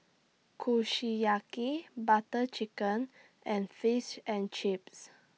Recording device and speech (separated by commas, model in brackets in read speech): mobile phone (iPhone 6), read sentence